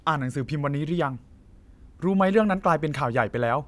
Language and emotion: Thai, frustrated